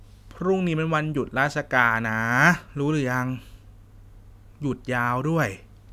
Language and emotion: Thai, frustrated